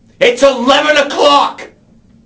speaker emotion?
angry